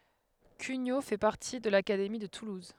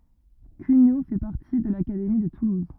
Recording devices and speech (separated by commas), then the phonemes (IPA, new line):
headset microphone, rigid in-ear microphone, read sentence
kyɲo fɛ paʁti də lakademi də tuluz